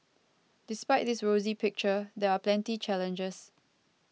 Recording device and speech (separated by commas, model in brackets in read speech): mobile phone (iPhone 6), read sentence